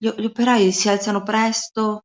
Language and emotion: Italian, fearful